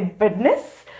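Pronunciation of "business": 'Business' is pronounced incorrectly here.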